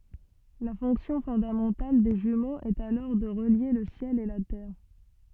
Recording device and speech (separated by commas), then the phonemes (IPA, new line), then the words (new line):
soft in-ear microphone, read sentence
la fɔ̃ksjɔ̃ fɔ̃damɑ̃tal de ʒymoz ɛt alɔʁ də ʁəlje lə sjɛl e la tɛʁ
La fonction fondamentale des jumeaux est alors de relier le ciel et la terre.